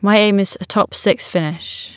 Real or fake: real